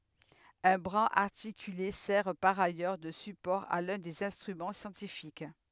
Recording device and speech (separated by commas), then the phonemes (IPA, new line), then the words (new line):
headset microphone, read sentence
œ̃ bʁaz aʁtikyle sɛʁ paʁ ajœʁ də sypɔʁ a lœ̃ dez ɛ̃stʁymɑ̃ sjɑ̃tifik
Un bras articulé sert par ailleurs de support à l'un des instruments scientifiques.